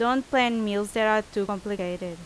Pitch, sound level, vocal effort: 210 Hz, 87 dB SPL, very loud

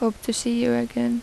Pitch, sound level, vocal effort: 210 Hz, 79 dB SPL, soft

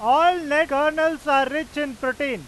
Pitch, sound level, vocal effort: 295 Hz, 103 dB SPL, very loud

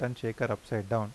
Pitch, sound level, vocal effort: 115 Hz, 84 dB SPL, normal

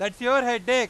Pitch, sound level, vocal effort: 245 Hz, 106 dB SPL, very loud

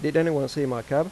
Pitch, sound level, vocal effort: 145 Hz, 90 dB SPL, normal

